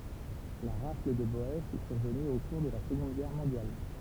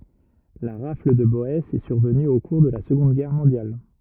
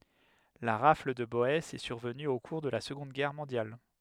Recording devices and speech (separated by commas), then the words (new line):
temple vibration pickup, rigid in-ear microphone, headset microphone, read sentence
La rafle de Boësses est survenue au cours de la seconde Guerre mondiale.